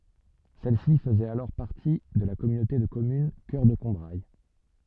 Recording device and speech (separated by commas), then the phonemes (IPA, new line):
soft in-ear microphone, read sentence
sɛlsi fəzɛt alɔʁ paʁti də la kɔmynote də kɔmyn kœʁ də kɔ̃bʁaj